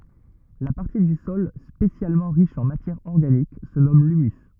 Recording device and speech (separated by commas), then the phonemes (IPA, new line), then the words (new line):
rigid in-ear microphone, read sentence
la paʁti dy sɔl spesjalmɑ̃ ʁiʃ ɑ̃ matjɛʁ ɔʁɡanik sə nɔm lymys
La partie du sol spécialement riche en matière organique se nomme l'humus.